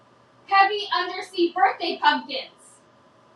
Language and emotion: English, angry